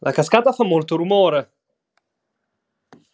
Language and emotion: Italian, angry